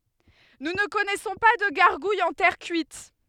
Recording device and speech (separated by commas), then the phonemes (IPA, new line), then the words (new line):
headset microphone, read sentence
nu nə kɔnɛsɔ̃ pa də ɡaʁɡujz ɑ̃ tɛʁ kyit
Nous ne connaissons pas de gargouilles en terre cuite.